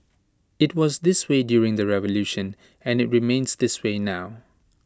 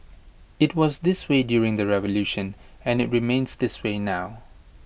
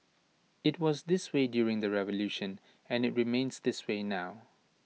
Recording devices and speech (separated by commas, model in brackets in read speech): standing microphone (AKG C214), boundary microphone (BM630), mobile phone (iPhone 6), read sentence